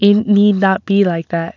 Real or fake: real